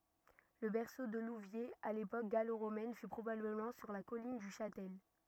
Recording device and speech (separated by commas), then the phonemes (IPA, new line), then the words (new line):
rigid in-ear microphone, read sentence
lə bɛʁso də luvjez a lepok ɡaloʁomɛn fy pʁobabləmɑ̃ syʁ la kɔlin dy ʃatɛl
Le berceau de Louviers à l'époque gallo-romaine fut probablement sur la colline du Châtel.